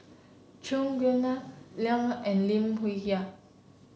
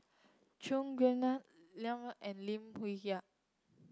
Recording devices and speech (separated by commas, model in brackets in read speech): mobile phone (Samsung C7), close-talking microphone (WH30), read sentence